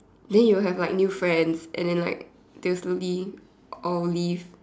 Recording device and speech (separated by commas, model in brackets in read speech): standing microphone, conversation in separate rooms